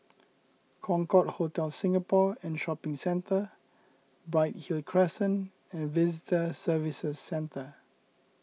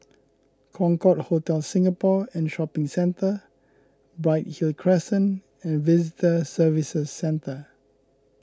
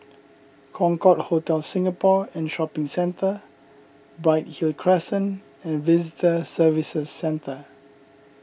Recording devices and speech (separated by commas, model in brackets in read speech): mobile phone (iPhone 6), close-talking microphone (WH20), boundary microphone (BM630), read sentence